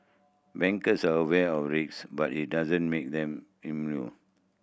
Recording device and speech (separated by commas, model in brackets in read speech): boundary microphone (BM630), read sentence